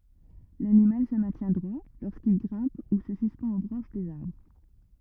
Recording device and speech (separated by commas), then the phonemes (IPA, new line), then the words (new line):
rigid in-ear microphone, read sentence
lanimal sə mɛ̃tjɛ̃ dʁwa loʁskil ɡʁɛ̃p u sə syspɑ̃t o bʁɑ̃ʃ dez aʁbʁ
L’animal se maintient droit lorsqu’il grimpe ou se suspend aux branches des arbres.